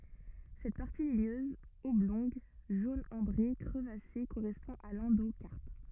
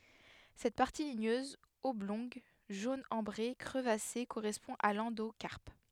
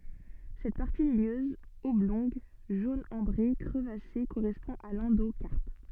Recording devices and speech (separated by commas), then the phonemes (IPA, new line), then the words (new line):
rigid in-ear microphone, headset microphone, soft in-ear microphone, read sentence
sɛt paʁti liɲøz ɔblɔ̃ɡ ʒon ɑ̃bʁe kʁəvase koʁɛspɔ̃ a lɑ̃dokaʁp
Cette partie ligneuse, oblongue, jaune ambré, crevassée correspond à l’endocarpe.